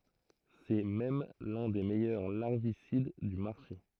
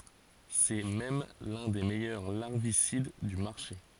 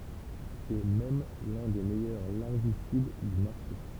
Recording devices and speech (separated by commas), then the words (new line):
throat microphone, forehead accelerometer, temple vibration pickup, read sentence
C'est même l'un des meilleurs larvicides du marché.